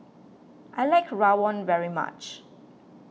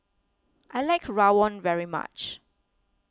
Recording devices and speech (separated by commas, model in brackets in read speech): mobile phone (iPhone 6), close-talking microphone (WH20), read sentence